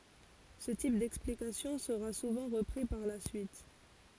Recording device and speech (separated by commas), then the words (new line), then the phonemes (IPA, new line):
forehead accelerometer, read sentence
Ce type d'explication sera souvent repris par la suite.
sə tip dɛksplikasjɔ̃ səʁa suvɑ̃ ʁəpʁi paʁ la syit